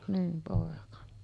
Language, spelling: Finnish, niin poika
- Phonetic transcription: nim pòeka .

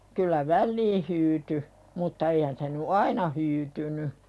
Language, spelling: Finnish, kyllä väliin hyytyi mutta eihän se nyt aina hyytynyt
- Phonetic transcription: kyl̆lä "vällii hyyty , mutta 'eihän se ny "aina hyytyny .

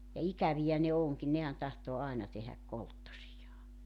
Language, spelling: Finnish, ja ikäviä ne onkin nehän tahtoo aina tehdä kolttosiaan
- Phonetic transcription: ja 'ikävijä ne 'oŋkin 'nehän tahtoo 'aena tehäk 'kolttosijaa .

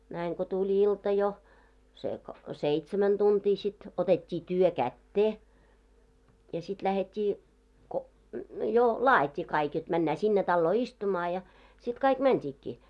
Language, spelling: Finnish, näin kun tuli ilta jo se kun seitsemän tuntia sitten otettiin työ käteen ja sitten lähdettiin kun jo laadittiin kaikki jotta mennään sinne taloon istumaan ja sitten kaikki mentiinkin
- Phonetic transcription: näiŋ ko 'tuĺ 'ilta jo , se ko , 'seitsemän 'tunt́ii sit , 'otet́t́ii "työ kättee , ja sit iähet́t́ii , ko , jo "laajit́t́ii kaik jot männää 'sinne 'talloo "istumaa ja , sit 'kaik "mänt́iikkii .

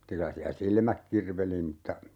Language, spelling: Finnish, mutta kyllä siellä silmät kirveli mutta
- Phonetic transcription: (mutta) 'kylä siä "silmäk 'kirveli mutta ,.

